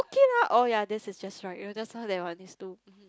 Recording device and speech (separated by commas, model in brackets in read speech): close-talking microphone, conversation in the same room